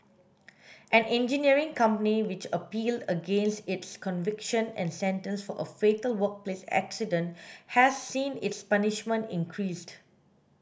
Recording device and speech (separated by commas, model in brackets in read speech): boundary microphone (BM630), read sentence